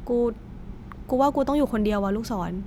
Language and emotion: Thai, frustrated